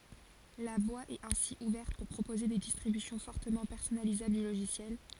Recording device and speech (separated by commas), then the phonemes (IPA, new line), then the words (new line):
forehead accelerometer, read sentence
la vwa ɛt ɛ̃si uvɛʁt puʁ pʁopoze de distʁibysjɔ̃ fɔʁtəmɑ̃ pɛʁsɔnalizabl dy loʒisjɛl
La voie est ainsi ouverte pour proposer des distributions fortement personnalisables du logiciel.